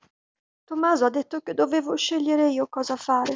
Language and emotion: Italian, sad